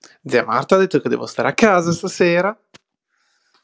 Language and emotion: Italian, happy